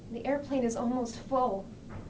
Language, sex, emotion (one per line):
English
female
fearful